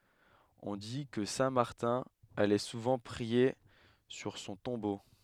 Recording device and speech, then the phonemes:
headset microphone, read sentence
ɔ̃ di kə sɛ̃ maʁtɛ̃ alɛ suvɑ̃ pʁie syʁ sɔ̃ tɔ̃bo

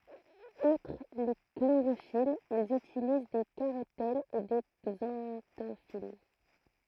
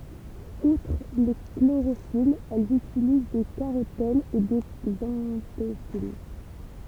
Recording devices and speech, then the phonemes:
throat microphone, temple vibration pickup, read sentence
utʁ le kloʁofilz ɛlz ytiliz de kaʁotɛnz e de ɡzɑ̃tofil

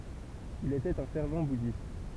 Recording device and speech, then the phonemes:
temple vibration pickup, read sentence
il etɛt œ̃ fɛʁv budist

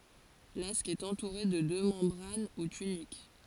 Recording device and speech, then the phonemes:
forehead accelerometer, read sentence
lask ɛt ɑ̃tuʁe də dø mɑ̃bʁan u tynik

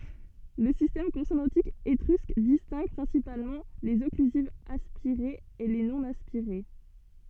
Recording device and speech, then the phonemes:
soft in-ear microphone, read sentence
lə sistɛm kɔ̃sonɑ̃tik etʁysk distɛ̃ɡ pʁɛ̃sipalmɑ̃ lez ɔklyzivz aspiʁez e le nonaspiʁe

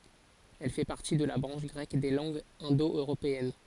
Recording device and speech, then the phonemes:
forehead accelerometer, read sentence
ɛl fɛ paʁti də la bʁɑ̃ʃ ɡʁɛk de lɑ̃ɡz ɛ̃do øʁopeɛn

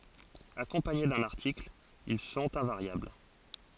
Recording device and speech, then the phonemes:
forehead accelerometer, read sentence
akɔ̃paɲe dœ̃n aʁtikl il sɔ̃t ɛ̃vaʁjabl

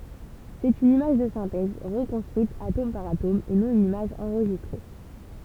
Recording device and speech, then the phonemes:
temple vibration pickup, read sentence
sɛt yn imaʒ də sɛ̃tɛz ʁəkɔ̃stʁyit atom paʁ atom e nɔ̃ yn imaʒ ɑ̃ʁʒistʁe

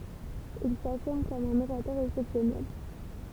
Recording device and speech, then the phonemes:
temple vibration pickup, read sentence
il safiʁm kɔm œ̃n oʁatœʁ ɛksɛpsjɔnɛl

